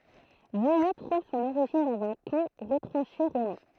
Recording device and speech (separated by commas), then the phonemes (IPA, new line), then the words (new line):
throat microphone, read sentence
vuji tʁuv sɔ̃n oʁiʒin dɑ̃z œ̃ kɑ̃ ʁətʁɑ̃ʃe ʁomɛ̃
Vouilly trouve son origine dans un camp retranché romain.